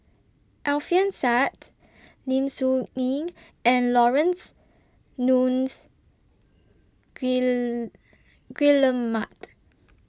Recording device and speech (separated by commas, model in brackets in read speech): standing microphone (AKG C214), read sentence